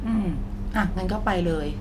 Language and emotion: Thai, neutral